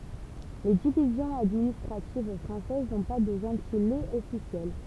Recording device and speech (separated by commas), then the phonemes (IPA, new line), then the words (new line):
temple vibration pickup, read sentence
le divizjɔ̃z administʁativ fʁɑ̃sɛz nɔ̃ pa də ʒɑ̃tilez ɔfisjɛl
Les divisions administratives françaises n'ont pas de gentilés officiels.